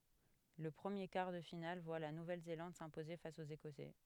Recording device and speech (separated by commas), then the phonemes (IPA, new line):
headset microphone, read sentence
lə pʁəmje kaʁ də final vwa la nuvɛl zelɑ̃d sɛ̃poze fas oz ekɔsɛ